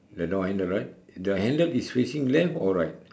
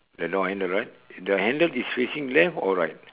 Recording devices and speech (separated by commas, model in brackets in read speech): standing microphone, telephone, conversation in separate rooms